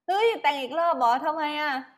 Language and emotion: Thai, happy